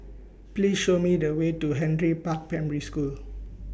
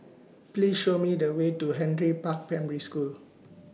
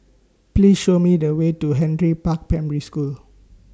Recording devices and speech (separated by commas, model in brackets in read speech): boundary microphone (BM630), mobile phone (iPhone 6), standing microphone (AKG C214), read sentence